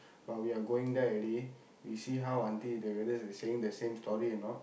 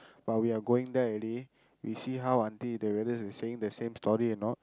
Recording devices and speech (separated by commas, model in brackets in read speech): boundary microphone, close-talking microphone, conversation in the same room